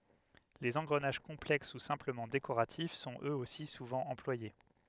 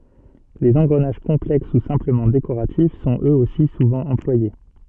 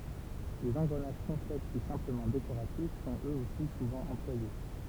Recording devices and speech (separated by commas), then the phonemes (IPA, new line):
headset microphone, soft in-ear microphone, temple vibration pickup, read sentence
lez ɑ̃ɡʁənaʒ kɔ̃plɛks u sɛ̃pləmɑ̃ dekoʁatif sɔ̃t øz osi suvɑ̃ ɑ̃plwaje